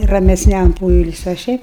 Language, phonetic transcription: Lithuanian, ramesˈniam ˈpoilsiui o ˈšiaip

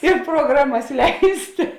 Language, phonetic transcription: Lithuanian, i proˈgramas ˈleistė

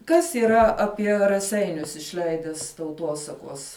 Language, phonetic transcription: Lithuanian, kas yˈra aˈpie raˈseinius išˈleides tauˈtuosakuos

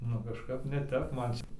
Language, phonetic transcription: Lithuanian, nu kažˈkap ne ˈtep ˈman ˈčia

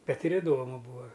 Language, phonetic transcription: Lithuanian, ˈbet ir iˈdomu ˈbūa

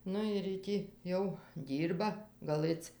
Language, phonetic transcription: Lithuanian, ˈnu ir jy ˈtį jau ˈdyrba gaˈlɘc

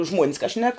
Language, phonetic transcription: Lithuanian, žmuon's ka šnek

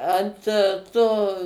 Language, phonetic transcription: Lithuanian, ˈant ˈto

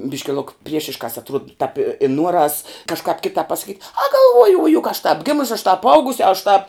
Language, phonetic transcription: Lithuanian, ˈbiški luk ˈpriešiškās atˈruod tāp i i ˈnuoras kažˈkāp ˈkitāp pasaˈkyt' a galˈvuoju u juk aš tāp ˈgimusi aš tāp ˈaugus' aš tāp

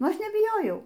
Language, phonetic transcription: Lithuanian, ˈaš nebiˈjojau

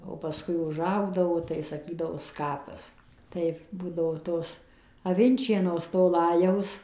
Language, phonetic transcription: Lithuanian, o paˈskui uˈžaugdavo tai saˈkydavo ˈskapas ˈtai ˈbūdavo ˈtos avinˈčienos to ˈlajaus

